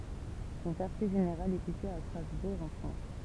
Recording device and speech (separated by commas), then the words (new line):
temple vibration pickup, read sentence
Son quartier général est situé à Strasbourg en France.